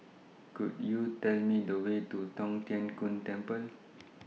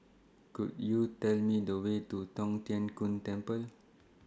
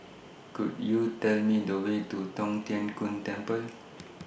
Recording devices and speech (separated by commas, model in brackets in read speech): mobile phone (iPhone 6), standing microphone (AKG C214), boundary microphone (BM630), read sentence